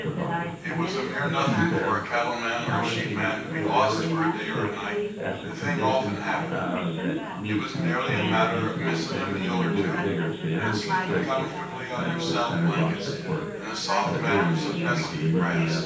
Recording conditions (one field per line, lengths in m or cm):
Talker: one person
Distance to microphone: 9.8 m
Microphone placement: far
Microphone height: 1.8 m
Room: large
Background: babble